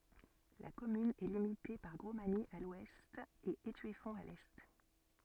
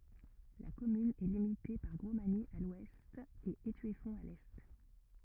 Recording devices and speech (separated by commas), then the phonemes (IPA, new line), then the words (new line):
soft in-ear microphone, rigid in-ear microphone, read sentence
la kɔmyn ɛ limite paʁ ɡʁɔsmaɲi a lwɛst e etyɛfɔ̃t a lɛ
La commune est limitée par Grosmagny à l'ouest et Étueffont à l'est.